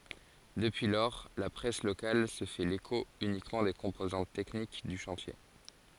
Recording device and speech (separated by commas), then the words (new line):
forehead accelerometer, read sentence
Depuis lors, la presse locale se fait l'écho uniquement des composantes techniques du chantier.